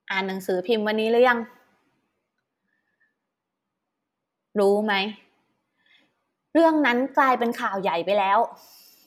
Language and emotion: Thai, frustrated